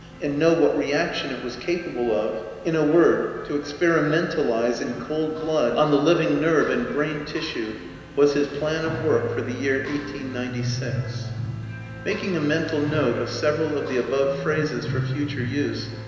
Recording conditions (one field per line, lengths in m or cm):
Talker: one person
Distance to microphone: 1.7 m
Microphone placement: close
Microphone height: 1.0 m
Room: very reverberant, large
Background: music